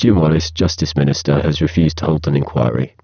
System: VC, spectral filtering